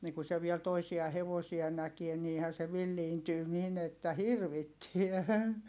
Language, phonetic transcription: Finnish, nii ku se viɛl toisia hevosia näkie niihän̬ se villiintyy nin ‿että hirvittiä .
- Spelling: niin kun se vielä toisia hevosia näki niinhän se villiintyi niin että hirvittää

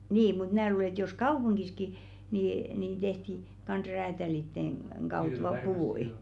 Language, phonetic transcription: Finnish, 'nii mut "mⁿää luule ‿ᵉt jos "kaupuŋɢiski ni-nìn 'tehti , kans̜ 'räätälitteŋ , ɢaut "lopù₍i .
- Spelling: niin mutta minä luulen että jos kaupungissakin niin tehtiin kanssa räätäleiden kautta loput

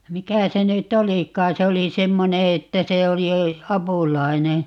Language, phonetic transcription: Finnish, 'mikä 'se ny"t ‿olik̀aa 'se oli "semmone että 'se oli , "apùlai̮ne .
- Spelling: mikä se nyt olikaan se oli semmoinen että se oli apulainen

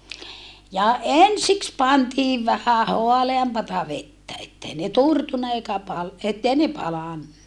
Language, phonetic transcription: Finnish, ja ensiks pantiiv vähä hoaleampata vettä ettei ne turtunna eikä pal- , ettei ne palanna .
- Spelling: ja ensiksi pantiin vähän haaleampaa vettä että ei ne turtunut eikä - että ei ne palanut

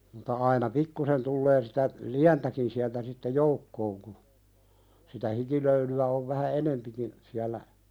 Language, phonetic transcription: Finnish, muta aina "pikkusen tullee sitä , "liäntäkin siältä sitte 'joukkooŋ ku , sitä 'hikilöyly₍ä ov vähä "enempikin , siällä ,.
- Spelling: mutta aina pikkuisen tulee sitä lientäkin sieltä sitten joukkoon kun sitä hikilöylyä on vähän enempikin siellä

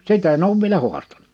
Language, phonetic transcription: Finnish, 'sit ‿en 'oᵘv vielä 'huastaɴᴀ .
- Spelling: sitä en ole vielä haastanut

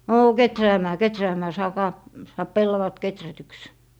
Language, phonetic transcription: Finnish, » 'noo , "keträämää , "keträämää , 'saakaa , saap "pellavat 'keträtyks » .
- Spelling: no kehräämään kehräämään saakaa saa pellavat kehrätyksi

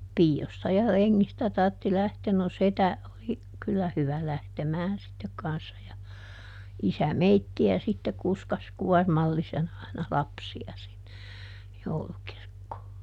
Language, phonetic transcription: Finnish, "pii₍osta ja ˈreŋŋistä tartti ˈlähteen - no "setä , oli , ˈkyllä ˈhyvä ˈlähtemään sittek ˈkanssa ja , ˈisä "meitti₍ä sitte ˈkuskas "kuɔrmallisen ‿ai̮na "lapsi₍a sinne , ˈjoulukirkkoo .
- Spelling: piioista ja rengistä tarvitsi lähteä no setä oli kyllä hyvä lähtemään sitten kanssa ja isä meitä sitten kuskasi kuormallisen aina lapsia sinne joulukirkkoon

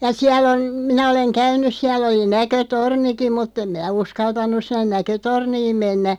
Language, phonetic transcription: Finnish, ja 'siälˡ ‿on , 'minä oleŋ "käyn̆nyˢ 'siälˡ ‿oli 'näkö"tornikim 'mutt ‿em 'mi(n)ä 'uskaltan̆nuˢ sinnen "näkötorniim 'mennä ,.
- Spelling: ja siellä on minä olen käynyt siellä oli näkötornikin mutta en minä uskaltanut sinne näkötorniin mennä

